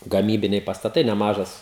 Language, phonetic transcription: Lithuanian, gaˈmybiniai pastaˈtai neˈmažas

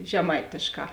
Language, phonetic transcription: Lithuanian, žeˈmaitėšˌkā

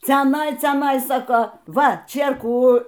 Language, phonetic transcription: Lithuanian, ceˈnai ceˈnai saˈkau ˈva ˈčėrkų

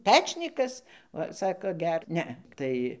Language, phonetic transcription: Lithuanian, ˈpečnykas ˈva ˈsako ˈger ˈne ˈtai

